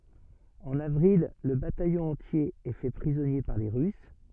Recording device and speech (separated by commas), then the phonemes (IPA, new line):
soft in-ear microphone, read sentence
ɑ̃n avʁil lə batajɔ̃ ɑ̃tje ɛ fɛ pʁizɔnje paʁ le ʁys